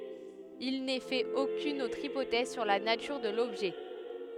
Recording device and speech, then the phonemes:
headset microphone, read sentence
il nɛ fɛt okyn otʁ ipotɛz syʁ la natyʁ də lɔbʒɛ

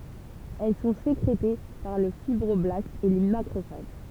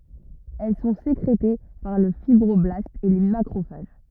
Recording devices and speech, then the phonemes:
temple vibration pickup, rigid in-ear microphone, read sentence
ɛl sɔ̃ sekʁete paʁ lə fibʁɔblastz e le makʁofaʒ

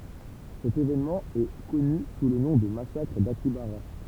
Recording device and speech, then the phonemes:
temple vibration pickup, read sentence
sɛt evenmɑ̃ ɛ kɔny su lə nɔ̃ də masakʁ dakjabaʁa

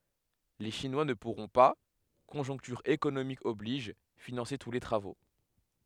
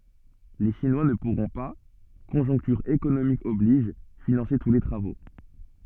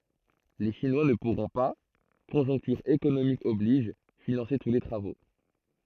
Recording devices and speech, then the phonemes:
headset microphone, soft in-ear microphone, throat microphone, read sentence
le ʃinwa nə puʁɔ̃ pa kɔ̃ʒɔ̃ktyʁ ekonomik ɔbliʒ finɑ̃se tu le tʁavo

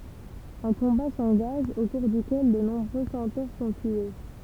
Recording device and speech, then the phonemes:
temple vibration pickup, read sentence
œ̃ kɔ̃ba sɑ̃ɡaʒ o kuʁ dykɛl də nɔ̃bʁø sɑ̃toʁ sɔ̃ tye

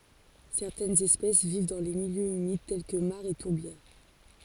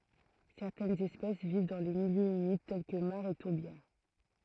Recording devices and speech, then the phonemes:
forehead accelerometer, throat microphone, read sentence
sɛʁtɛnz ɛspɛs viv dɑ̃ le miljøz ymid tɛl kə maʁz e tuʁbjɛʁ

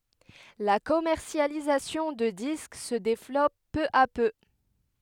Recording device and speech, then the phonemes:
headset microphone, read sentence
la kɔmɛʁsjalizasjɔ̃ də disk sə devlɔp pø a pø

